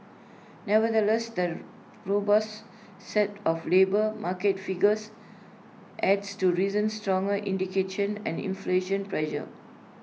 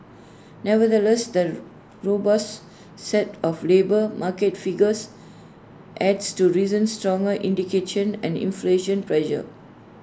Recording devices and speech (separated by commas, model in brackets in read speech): mobile phone (iPhone 6), standing microphone (AKG C214), read sentence